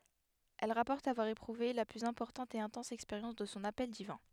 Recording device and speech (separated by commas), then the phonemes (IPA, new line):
headset microphone, read sentence
ɛl ʁapɔʁt avwaʁ epʁuve la plyz ɛ̃pɔʁtɑ̃t e ɛ̃tɑ̃s ɛkspeʁjɑ̃s də sɔ̃ apɛl divɛ̃